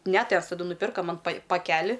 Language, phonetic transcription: Lithuanian, ne ˈtevs taˈdu nuˈpirka ˈman pai paˈkeli

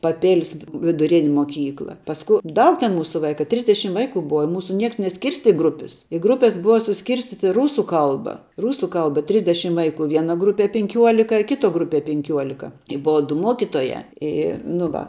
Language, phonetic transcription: Lithuanian, paˈpėlis viduˈrini moˈkykla pasˈku ˈdaug ten ˈmūsu ˈvaika ˈtrisdešim ˈvaiku ˈbuva i ˈmūsu ˈnieks neˈskirsti ˈgrupis i ˈgrupes ˈbuva suˈskirstyti ˈrūsu ˈkalba ˈrūsu ˈkalba ˈtrisdešim ˈvaiˌku ˈviena ˈgrupie pinˈkiuolika i ˈkiˌtuo ˈgruˌpie pinˈkiuolika i ˈbuva du ˈmuokitojā ˈy nu ˈva

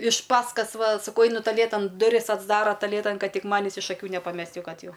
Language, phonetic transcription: Lithuanian, iš ˈpaskas ˈva saˈkau ˈainu taˈlėtan duˈris atsˈdara taˈlėtan ˈkad ˈtik ˈmanis iš aˈkių nepaˈmest' jau ˈkad ˈjau

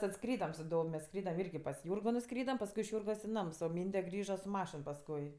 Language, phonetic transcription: Lithuanian, ˈtad ˈskrydam su ˈdov' mes ˈskrydam ˈirgi pas ˈjūrgo nuˈskrydam pasˈkui iš ˈjūrgos i ˈnams o ˈmynde ˈgrįža su ˈmašin pasˈkui

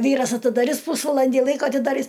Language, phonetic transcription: Lithuanian, ˈvyras atidaˈris ˈpūsvalandi ˈlaiko atidaˈris

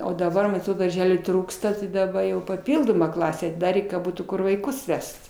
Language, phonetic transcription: Lithuanian, o daˈba man atˈrod darˈželių ˈtrūksta tai daˈba jau paˈpildoma ˈklasę atiˈdarė ka ˈbūtų ˈkur vaiˈkus ˈvest

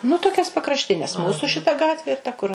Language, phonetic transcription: Lithuanian, nu toˈkias pakrašˈtines ˈmūsu šiˈta ˈgatvi ir ta kur

